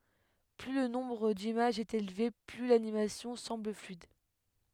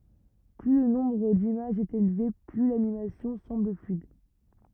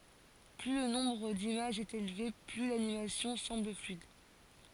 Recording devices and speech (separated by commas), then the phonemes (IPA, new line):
headset microphone, rigid in-ear microphone, forehead accelerometer, read sentence
ply lə nɔ̃bʁ dimaʒz ɛt elve ply lanimasjɔ̃ sɑ̃bl flyid